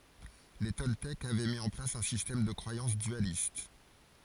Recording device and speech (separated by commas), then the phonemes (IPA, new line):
forehead accelerometer, read sentence
le tɔltɛkz avɛ mi ɑ̃ plas œ̃ sistɛm də kʁwajɑ̃s dyalist